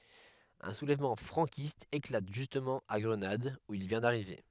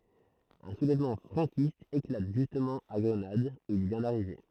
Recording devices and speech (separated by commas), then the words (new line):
headset microphone, throat microphone, read sentence
Un soulèvement franquiste éclate justement à Grenade où il vient d'arriver.